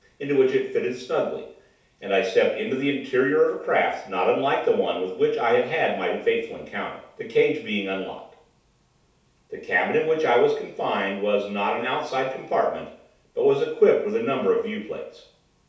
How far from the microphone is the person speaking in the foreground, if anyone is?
3.0 m.